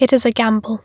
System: none